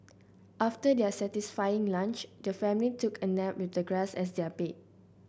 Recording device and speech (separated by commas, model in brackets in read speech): boundary microphone (BM630), read sentence